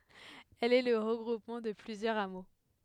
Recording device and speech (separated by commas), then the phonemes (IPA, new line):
headset microphone, read sentence
ɛl ɛ lə ʁəɡʁupmɑ̃ də plyzjœʁz amo